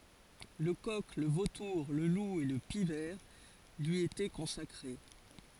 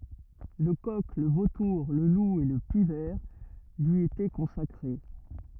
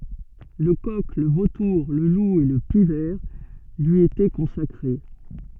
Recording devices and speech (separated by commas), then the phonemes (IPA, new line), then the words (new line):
forehead accelerometer, rigid in-ear microphone, soft in-ear microphone, read sentence
lə kɔk lə votuʁ lə lu e lə pik vɛʁ lyi etɛ kɔ̃sakʁe
Le coq, le vautour, le loup et le pic-vert lui étaient consacrés.